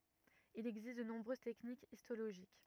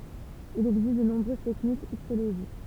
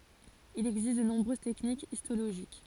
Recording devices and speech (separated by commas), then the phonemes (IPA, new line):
rigid in-ear microphone, temple vibration pickup, forehead accelerometer, read sentence
il ɛɡzist də nɔ̃bʁøz tɛknikz istoloʒik